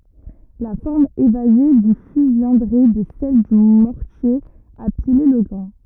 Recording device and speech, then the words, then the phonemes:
rigid in-ear microphone, read sentence
La forme évasée du fût viendrait de celle du mortier à piler le grain.
la fɔʁm evaze dy fy vjɛ̃dʁɛ də sɛl dy mɔʁtje a pile lə ɡʁɛ̃

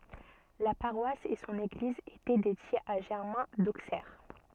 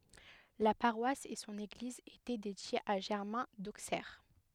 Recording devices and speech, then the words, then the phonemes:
soft in-ear microphone, headset microphone, read sentence
La paroisse et son église étaient dédiées à Germain d'Auxerre.
la paʁwas e sɔ̃n eɡliz etɛ dedjez a ʒɛʁmɛ̃ doksɛʁ

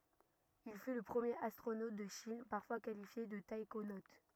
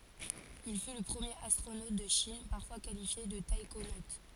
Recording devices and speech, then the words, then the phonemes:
rigid in-ear microphone, forehead accelerometer, read sentence
Il fut le premier astronaute de Chine, parfois qualifié de taïkonaute.
il fy lə pʁəmjeʁ astʁonot də ʃin paʁfwa kalifje də taikonot

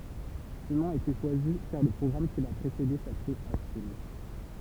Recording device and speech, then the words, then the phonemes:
temple vibration pickup, read sentence
Ce nom a été choisi car le programme qui l'a précédé s'appelait Achille.
sə nɔ̃ a ete ʃwazi kaʁ lə pʁɔɡʁam ki la pʁesede saplɛt aʃij

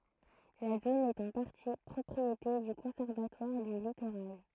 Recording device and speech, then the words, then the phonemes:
throat microphone, read sentence
La zone est en partie propriété du Conservatoire du littoral.
la zon ɛt ɑ̃ paʁti pʁɔpʁiete dy kɔ̃sɛʁvatwaʁ dy litoʁal

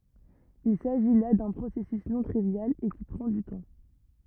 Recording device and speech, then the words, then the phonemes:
rigid in-ear microphone, read sentence
Il s'agit là d'un processus non trivial, et qui prend du temps.
il saʒi la dœ̃ pʁosɛsys nɔ̃ tʁivjal e ki pʁɑ̃ dy tɑ̃

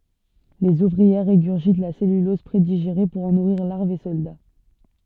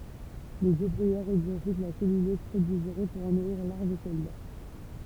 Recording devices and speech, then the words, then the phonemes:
soft in-ear microphone, temple vibration pickup, read sentence
Les ouvrières régurgitent la cellulose prédigérée pour en nourrir larves et soldats.
lez uvʁiɛʁ ʁeɡyʁʒit la sɛlylɔz pʁediʒeʁe puʁ ɑ̃ nuʁiʁ laʁvz e sɔlda

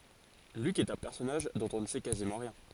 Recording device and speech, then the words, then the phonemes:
forehead accelerometer, read sentence
Luc est un personnage dont on ne sait quasiment rien.
lyk ɛt œ̃ pɛʁsɔnaʒ dɔ̃t ɔ̃ nə sɛ kazimɑ̃ ʁjɛ̃

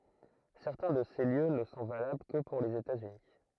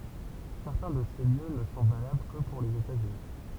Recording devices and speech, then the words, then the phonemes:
throat microphone, temple vibration pickup, read sentence
Certains de ces lieux ne sont valables que pour les États-Unis.
sɛʁtɛ̃ də se ljø nə sɔ̃ valabl kə puʁ lez etatsyni

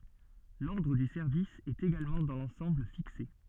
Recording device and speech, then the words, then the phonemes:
soft in-ear microphone, read sentence
L'ordre du service est également dans l'ensemble fixé.
lɔʁdʁ dy sɛʁvis ɛt eɡalmɑ̃ dɑ̃ lɑ̃sɑ̃bl fikse

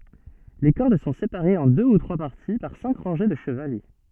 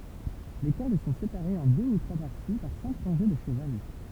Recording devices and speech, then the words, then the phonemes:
soft in-ear microphone, temple vibration pickup, read sentence
Les cordes sont séparées en deux ou trois parties par cinq rangées de chevalets.
le kɔʁd sɔ̃ sepaʁez ɑ̃ dø u tʁwa paʁti paʁ sɛ̃k ʁɑ̃ʒe də ʃəvalɛ

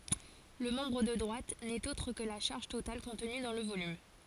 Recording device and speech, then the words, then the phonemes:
forehead accelerometer, read sentence
Le membre de droite n’est autre que la charge totale contenue dans le volume.
lə mɑ̃bʁ də dʁwat nɛt otʁ kə la ʃaʁʒ total kɔ̃tny dɑ̃ lə volym

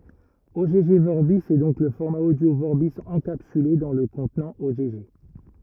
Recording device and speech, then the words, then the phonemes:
rigid in-ear microphone, read sentence
Ogg Vorbis est donc le format audio Vorbis encapsulé dans le contenant Ogg.
ɔɡ vɔʁbi ɛ dɔ̃k lə fɔʁma odjo vɔʁbi ɑ̃kapsyle dɑ̃ lə kɔ̃tnɑ̃ ɔɡ

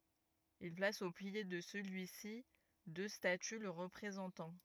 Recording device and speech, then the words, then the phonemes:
rigid in-ear microphone, read sentence
Il place au pied de celui-ci deux statues le représentant.
il plas o pje də səlyi si dø staty lə ʁəpʁezɑ̃tɑ̃

